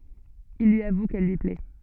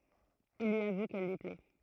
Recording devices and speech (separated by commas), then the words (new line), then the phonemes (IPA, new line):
soft in-ear microphone, throat microphone, read sentence
Il lui avoue qu'elle lui plaît.
il lyi avu kɛl lyi plɛ